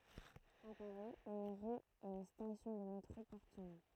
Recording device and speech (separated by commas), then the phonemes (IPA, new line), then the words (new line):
throat microphone, read sentence
a paʁi yn ʁy e yn stasjɔ̃ də metʁo pɔʁt sɔ̃ nɔ̃
À Paris, une rue et une station de métro portent son nom.